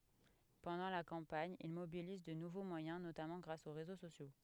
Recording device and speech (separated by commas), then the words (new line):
headset microphone, read sentence
Pendant la campagne, il mobilise de nouveaux moyens notamment grâce aux réseaux sociaux.